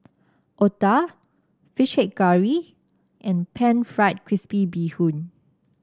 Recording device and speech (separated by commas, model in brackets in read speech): standing microphone (AKG C214), read sentence